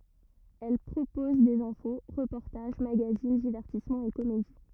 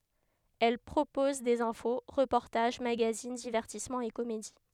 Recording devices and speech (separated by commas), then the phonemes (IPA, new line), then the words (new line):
rigid in-ear microphone, headset microphone, read sentence
ɛl pʁopɔz dez ɛ̃fo ʁəpɔʁtaʒ maɡazin divɛʁtismɑ̃z e komedi
Elle propose des infos, reportages, magazines, divertissements et comédies.